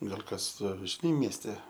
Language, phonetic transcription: Lithuanian, ˈgal' ˈkas žiˈnai miesˈte

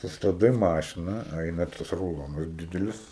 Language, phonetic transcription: Lithuanian, sustabˈdai ˈmašina ˈaina tas ruˈlonas ˈdidelis

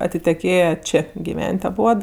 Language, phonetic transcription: Lithuanian, atiteˈkėje ˈčė giˈven't' aˈbuod

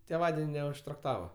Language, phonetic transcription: Lithuanian, tėˈvaden' neužtrakˈtava

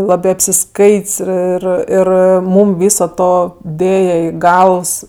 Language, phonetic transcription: Lithuanian, ˈlabɜ apsiˈskait's' ˈir ˈir ˈmūm ˈvyso ˈto ˈdėja ˈį ˈgalvs

